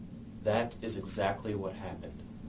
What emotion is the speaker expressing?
neutral